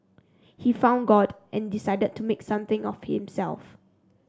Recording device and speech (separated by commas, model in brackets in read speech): standing microphone (AKG C214), read sentence